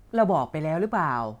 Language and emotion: Thai, frustrated